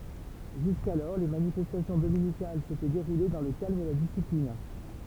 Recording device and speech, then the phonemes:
temple vibration pickup, read sentence
ʒyskalɔʁ le manifɛstasjɔ̃ dominikal setɛ deʁule dɑ̃ lə kalm e la disiplin

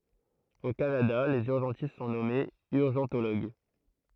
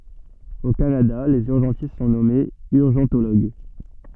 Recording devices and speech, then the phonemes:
throat microphone, soft in-ear microphone, read sentence
o kanada lez yʁʒɑ̃tist sɔ̃ nɔmez yʁʒɑ̃toloɡ

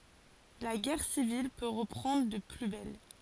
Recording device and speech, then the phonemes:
forehead accelerometer, read sentence
la ɡɛʁ sivil pø ʁəpʁɑ̃dʁ də ply bɛl

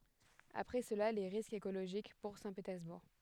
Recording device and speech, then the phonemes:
headset microphone, read sentence
apʁɛ səla le ʁiskz ekoloʒik puʁ sɛ̃tpetɛʁzbuʁ

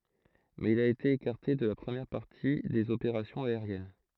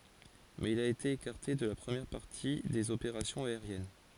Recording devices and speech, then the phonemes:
throat microphone, forehead accelerometer, read sentence
mɛz il a ete ekaʁte də la pʁəmjɛʁ paʁti dez opeʁasjɔ̃z aeʁjɛn

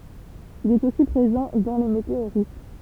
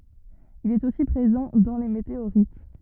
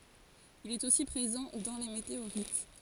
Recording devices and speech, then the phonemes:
temple vibration pickup, rigid in-ear microphone, forehead accelerometer, read sentence
il ɛt osi pʁezɑ̃ dɑ̃ le meteoʁit

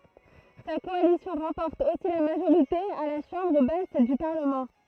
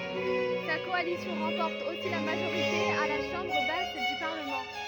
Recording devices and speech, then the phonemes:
throat microphone, rigid in-ear microphone, read sentence
sa kɔalisjɔ̃ ʁɑ̃pɔʁt osi la maʒoʁite a la ʃɑ̃bʁ bas dy paʁləmɑ̃

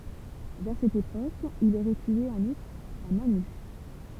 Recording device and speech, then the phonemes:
temple vibration pickup, read sentence
vɛʁ sɛt epok il oʁɛ tye œ̃n uʁs a mɛ̃ ny

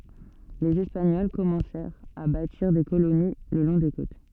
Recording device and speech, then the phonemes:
soft in-ear microphone, read sentence
lez ɛspaɲɔl kɔmɑ̃sɛʁt a batiʁ de koloni lə lɔ̃ de kot

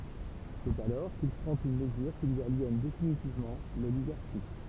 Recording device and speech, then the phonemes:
temple vibration pickup, read sentence
sɛt alɔʁ kil pʁɑ̃t yn məzyʁ ki lyi aljɛn definitivmɑ̃ loliɡaʁʃi

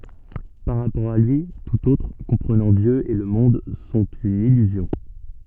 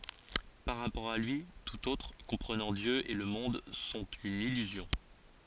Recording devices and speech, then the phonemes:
soft in-ear microphone, forehead accelerometer, read sentence
paʁ ʁapɔʁ a lyi tut otʁ kɔ̃pʁənɑ̃ djø e lə mɔ̃d sɔ̃t yn ilyzjɔ̃

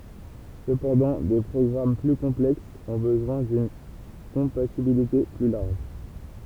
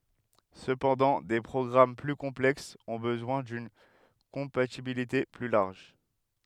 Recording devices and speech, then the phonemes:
temple vibration pickup, headset microphone, read sentence
səpɑ̃dɑ̃ de pʁɔɡʁam ply kɔ̃plɛksz ɔ̃ bəzwɛ̃ dyn kɔ̃patibilite ply laʁʒ

